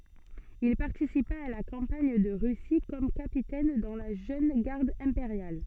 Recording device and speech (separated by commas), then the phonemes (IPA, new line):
soft in-ear microphone, read sentence
il paʁtisipa a la kɑ̃paɲ də ʁysi kɔm kapitɛn dɑ̃ la ʒøn ɡaʁd ɛ̃peʁjal